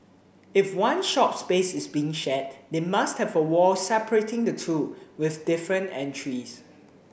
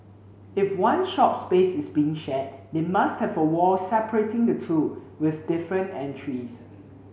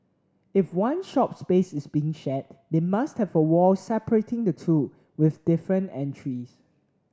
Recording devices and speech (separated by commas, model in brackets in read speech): boundary microphone (BM630), mobile phone (Samsung C7), standing microphone (AKG C214), read sentence